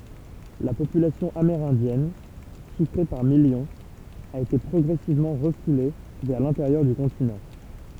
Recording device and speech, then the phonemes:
temple vibration pickup, read sentence
la popylasjɔ̃ ameʁɛ̃djɛn ʃifʁe paʁ miljɔ̃z a ete pʁɔɡʁɛsivmɑ̃ ʁəfule vɛʁ lɛ̃teʁjœʁ dy kɔ̃tinɑ̃

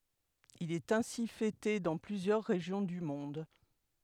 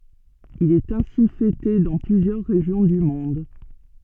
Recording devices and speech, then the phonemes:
headset microphone, soft in-ear microphone, read sentence
il ɛt ɛ̃si fɛte dɑ̃ plyzjœʁ ʁeʒjɔ̃ dy mɔ̃d

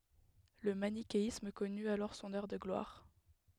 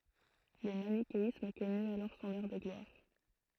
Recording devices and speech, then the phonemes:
headset microphone, throat microphone, read sentence
lə manikeism kɔny alɔʁ sɔ̃n œʁ də ɡlwaʁ

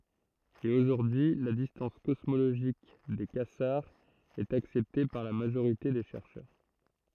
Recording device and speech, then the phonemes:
throat microphone, read sentence
e oʒuʁdyi y la distɑ̃s kɔsmoloʒik de kazaʁz ɛt aksɛpte paʁ la maʒoʁite de ʃɛʁʃœʁ

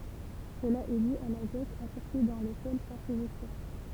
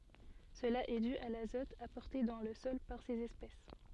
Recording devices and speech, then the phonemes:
temple vibration pickup, soft in-ear microphone, read sentence
səla ɛ dy a lazɔt apɔʁte dɑ̃ lə sɔl paʁ sez ɛspɛs

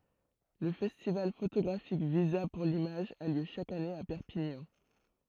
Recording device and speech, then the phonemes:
throat microphone, read sentence
lə fɛstival fotoɡʁafik viza puʁ limaʒ a ljø ʃak ane a pɛʁpiɲɑ̃

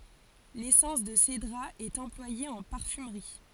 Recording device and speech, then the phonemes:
forehead accelerometer, read sentence
lesɑ̃s də sedʁa ɛt ɑ̃plwaje ɑ̃ paʁfymʁi

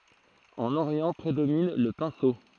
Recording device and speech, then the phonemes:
throat microphone, read sentence
ɑ̃n oʁjɑ̃ pʁedomin lə pɛ̃so

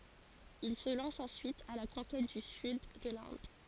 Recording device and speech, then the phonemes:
forehead accelerometer, read sentence
il sə lɑ̃s ɑ̃syit a la kɔ̃kɛt dy syd də lɛ̃d

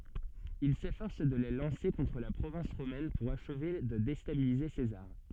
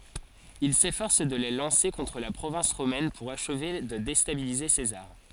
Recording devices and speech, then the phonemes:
soft in-ear microphone, forehead accelerometer, read sentence
il sefɔʁs də le lɑ̃se kɔ̃tʁ la pʁovɛ̃s ʁomɛn puʁ aʃve də destabilize sezaʁ

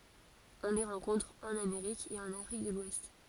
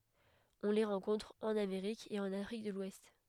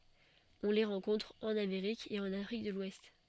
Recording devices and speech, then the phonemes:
forehead accelerometer, headset microphone, soft in-ear microphone, read sentence
ɔ̃ le ʁɑ̃kɔ̃tʁ ɑ̃n ameʁik e ɑ̃n afʁik də lwɛst

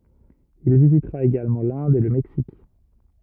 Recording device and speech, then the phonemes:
rigid in-ear microphone, read sentence
il vizitʁa eɡalmɑ̃ lɛ̃d e lə mɛksik

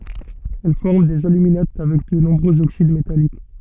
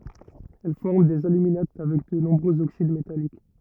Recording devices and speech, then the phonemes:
soft in-ear microphone, rigid in-ear microphone, read sentence
ɛl fɔʁm dez alyminat avɛk də nɔ̃bʁøz oksid metalik

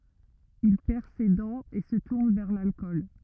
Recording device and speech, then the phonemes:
rigid in-ear microphone, read sentence
il pɛʁ se dɑ̃z e sə tuʁn vɛʁ lalkɔl

